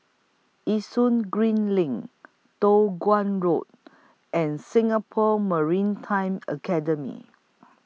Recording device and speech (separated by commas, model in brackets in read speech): mobile phone (iPhone 6), read sentence